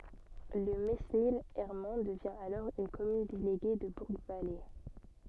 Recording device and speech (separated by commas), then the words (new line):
soft in-ear microphone, read sentence
Le Mesnil-Herman devient alors une commune déléguée de Bourgvallées.